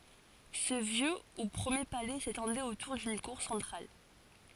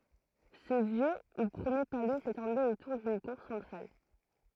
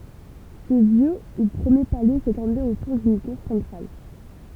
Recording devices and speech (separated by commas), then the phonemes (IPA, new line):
forehead accelerometer, throat microphone, temple vibration pickup, read sentence
sə vjø u pʁəmje palɛ setɑ̃dɛt otuʁ dyn kuʁ sɑ̃tʁal